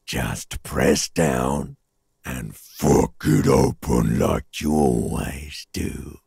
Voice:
very harsh voice